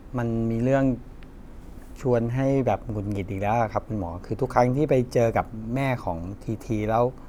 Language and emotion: Thai, frustrated